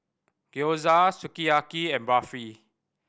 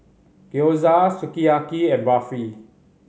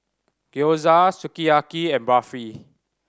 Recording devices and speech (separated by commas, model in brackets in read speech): boundary microphone (BM630), mobile phone (Samsung C5010), standing microphone (AKG C214), read sentence